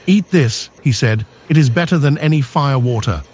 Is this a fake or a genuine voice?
fake